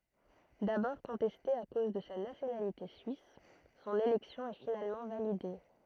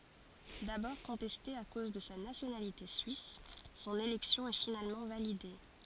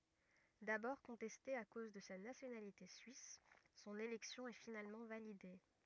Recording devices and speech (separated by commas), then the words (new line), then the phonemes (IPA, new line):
throat microphone, forehead accelerometer, rigid in-ear microphone, read sentence
D'abord contestée à cause de sa nationalité suisse, son élection est finalement validée.
dabɔʁ kɔ̃tɛste a koz də sa nasjonalite syis sɔ̃n elɛksjɔ̃ ɛ finalmɑ̃ valide